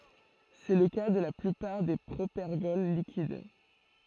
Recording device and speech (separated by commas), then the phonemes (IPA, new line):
throat microphone, read sentence
sɛ lə ka də la plypaʁ de pʁopɛʁɡɔl likid